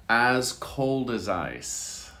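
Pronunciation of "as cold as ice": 'As cold as ice' is said slowly.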